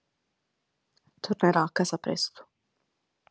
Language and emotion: Italian, sad